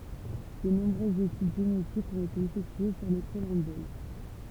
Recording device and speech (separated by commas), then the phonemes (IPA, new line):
temple vibration pickup, read sentence
də nɔ̃bʁøzz etyd ʒenetikz ɔ̃t ete efɛktye syʁ le kɔlɑ̃bol